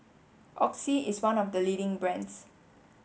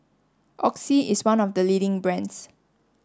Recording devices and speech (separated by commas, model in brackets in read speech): mobile phone (Samsung S8), standing microphone (AKG C214), read sentence